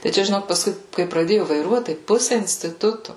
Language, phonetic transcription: Lithuanian, tai ˈčia žiˈnok pasˈkui kai praˈdėju vaiˈruot tai ˈpusi instiˈtutu

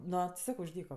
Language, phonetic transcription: Lithuanian, ˈno ti ˈsako už ˈdyko

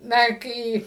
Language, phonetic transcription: Lithuanian, ˈna ˈkai

